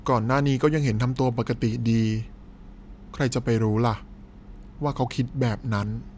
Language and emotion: Thai, sad